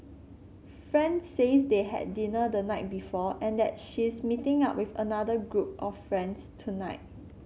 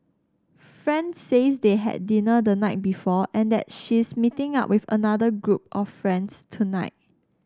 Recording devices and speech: mobile phone (Samsung C7), standing microphone (AKG C214), read sentence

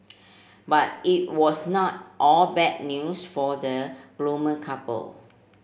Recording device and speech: boundary microphone (BM630), read sentence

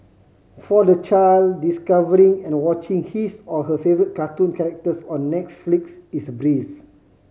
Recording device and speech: mobile phone (Samsung C5010), read sentence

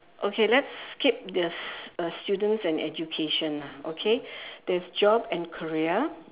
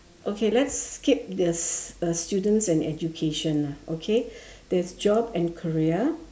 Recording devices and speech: telephone, standing microphone, conversation in separate rooms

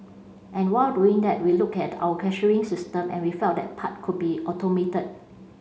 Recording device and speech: mobile phone (Samsung C5), read sentence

